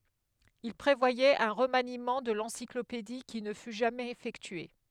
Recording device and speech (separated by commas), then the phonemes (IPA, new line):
headset microphone, read sentence
il pʁevwajɛt œ̃ ʁəmanimɑ̃ də lɑ̃siklopedi ki nə fy ʒamɛz efɛktye